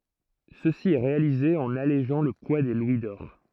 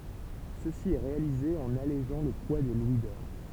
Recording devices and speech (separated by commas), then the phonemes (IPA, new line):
throat microphone, temple vibration pickup, read sentence
səsi ɛ ʁealize ɑ̃n aleʒɑ̃ lə pwa de lwi dɔʁ